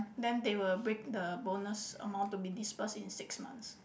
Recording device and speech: boundary microphone, conversation in the same room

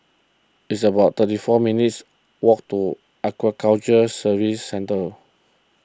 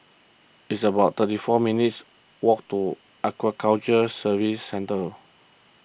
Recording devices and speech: close-talking microphone (WH20), boundary microphone (BM630), read sentence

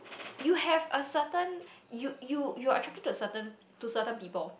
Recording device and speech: boundary microphone, conversation in the same room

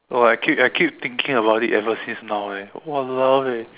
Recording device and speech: telephone, conversation in separate rooms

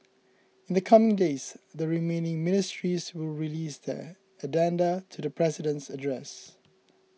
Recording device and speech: mobile phone (iPhone 6), read sentence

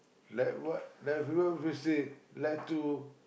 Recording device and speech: boundary microphone, conversation in the same room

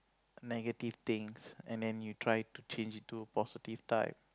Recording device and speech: close-talking microphone, conversation in the same room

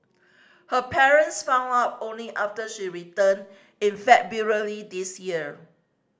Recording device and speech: standing microphone (AKG C214), read sentence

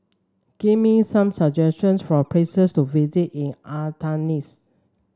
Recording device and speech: standing microphone (AKG C214), read sentence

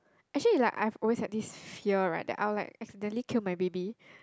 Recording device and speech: close-talking microphone, conversation in the same room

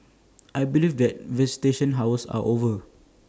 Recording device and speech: standing microphone (AKG C214), read sentence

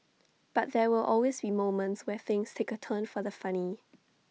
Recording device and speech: mobile phone (iPhone 6), read sentence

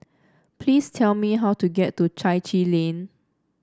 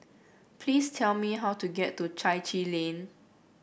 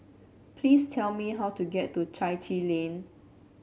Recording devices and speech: standing microphone (AKG C214), boundary microphone (BM630), mobile phone (Samsung C7), read sentence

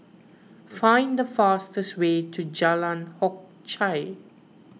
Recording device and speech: mobile phone (iPhone 6), read sentence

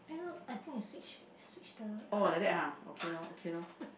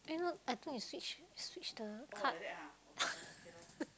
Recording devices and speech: boundary microphone, close-talking microphone, conversation in the same room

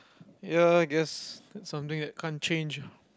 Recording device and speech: close-talking microphone, conversation in the same room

